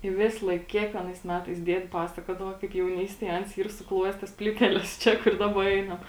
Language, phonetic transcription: Lithuanian, i ˈvislaik ˈkiekvienais ˈmetais ˈdied' ˈpasakuodavo kaip jauˈnystėj ˈans ˈyr suˈkluojes ˈtas ˈplyteles ˈčia kur ˈdaba ˈeinam

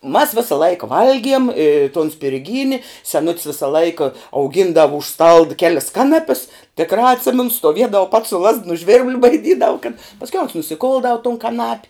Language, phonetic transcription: Lithuanian, u mas ˈvisa ˈlaika ˈvalgiem i ton spirˈgyni seˈnut's ˈvisa ˈlaika auˈgindavu už stald ˈkelis ˈkanapis tikˈrā atˈsimenu stoˈviedav pats su lazd nu žvirb'l baiˈdydavu kad pasˈkiau ons nusiˈkuldau tun kaˈnap'

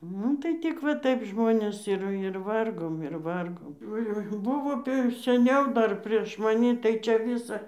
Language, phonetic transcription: Lithuanian, ˈnu tai ˈtik va ˈtaip ˈžmonės ir ir ˈvargom ir ˈvargom oˈjoi ˈbuvo tai ir seˈniau ˈdar prieš maˈni tai čia ˈvisa

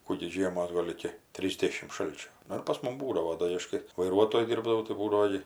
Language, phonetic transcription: Lithuanian, ˈkų gi ˈžiemos ˈgol iki ˈtrysdešim ˈšalčio ˈnu ir pas ˈmum ˈbūdavo ˈdo i ˈaš kai vaiˈruotoju ˈdirbdavau tai ˈbūdavo gi

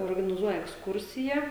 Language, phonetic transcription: Lithuanian, organiˈzuoja eksˈkursija

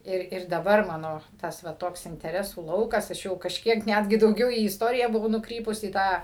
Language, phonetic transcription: Lithuanian, ˈir ir daˈbar maˈno ˈtas va ˈtoks inteˈresų ˈlaukas aš ˈjau kažˈkiek ˈnetgi dauˈgiau į isˈtoriją buˈvau nuˈkrypus į ˈtą

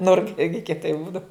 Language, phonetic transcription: Lithuanian, ˈnurka ˈirgi kieˈtai ˈbūdav

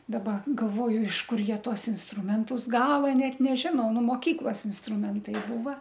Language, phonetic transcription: Lithuanian, daˈba galˈvoju iš ˈkur ˈjie ˈtuos insˈtrumentus ˈgava ˈnet neˈžinau ˈnu moˈkyklas insˈtrumentai ˈbūva

